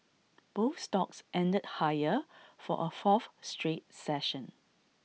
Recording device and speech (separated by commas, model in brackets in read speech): mobile phone (iPhone 6), read sentence